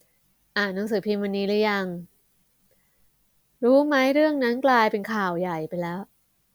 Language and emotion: Thai, neutral